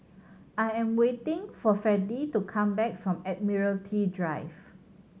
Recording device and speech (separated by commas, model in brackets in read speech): mobile phone (Samsung C7100), read sentence